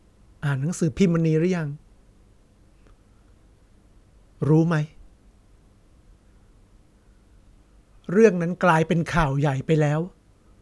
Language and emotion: Thai, sad